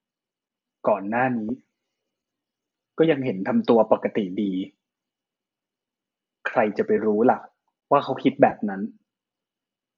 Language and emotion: Thai, neutral